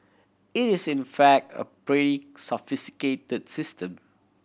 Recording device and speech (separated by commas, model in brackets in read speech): boundary microphone (BM630), read sentence